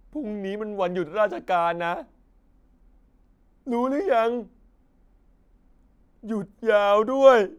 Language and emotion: Thai, sad